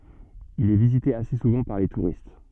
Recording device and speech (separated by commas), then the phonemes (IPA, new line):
soft in-ear microphone, read sentence
il ɛ vizite ase suvɑ̃ paʁ le tuʁist